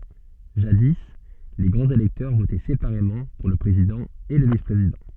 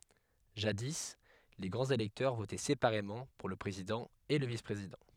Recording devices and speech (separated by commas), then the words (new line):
soft in-ear microphone, headset microphone, read sentence
Jadis, les grands électeurs votaient séparément pour le président et le vice-président.